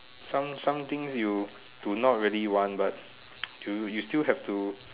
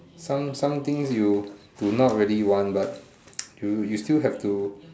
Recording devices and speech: telephone, standing microphone, conversation in separate rooms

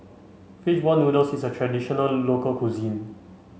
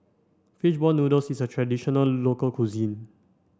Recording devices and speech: mobile phone (Samsung C5), standing microphone (AKG C214), read sentence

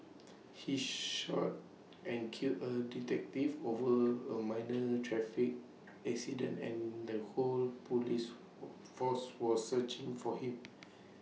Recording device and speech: mobile phone (iPhone 6), read sentence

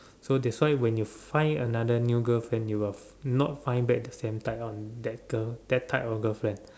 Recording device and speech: standing microphone, conversation in separate rooms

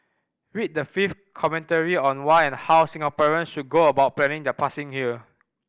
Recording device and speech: boundary microphone (BM630), read sentence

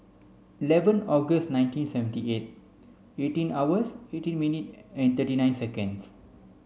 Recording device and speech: mobile phone (Samsung C5), read sentence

